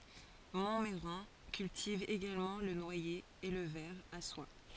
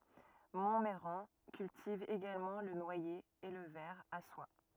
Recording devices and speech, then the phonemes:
forehead accelerometer, rigid in-ear microphone, read sentence
mɔ̃mɛʁɑ̃ kyltiv eɡalmɑ̃ lə nwaje e lə vɛʁ a swa

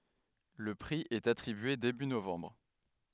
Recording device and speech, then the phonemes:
headset microphone, read sentence
lə pʁi ɛt atʁibye deby novɑ̃bʁ

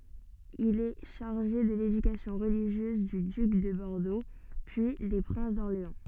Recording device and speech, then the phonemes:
soft in-ear microphone, read sentence
il ɛ ʃaʁʒe də ledykasjɔ̃ ʁəliʒjøz dy dyk də bɔʁdo pyi de pʁɛ̃s dɔʁleɑ̃

